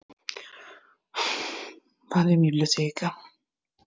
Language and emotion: Italian, sad